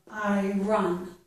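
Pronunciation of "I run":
This is an incorrect pronunciation: it is said as 'I run', where the correct sounds are 'I earn'.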